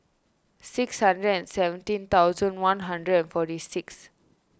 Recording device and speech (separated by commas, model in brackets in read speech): standing microphone (AKG C214), read sentence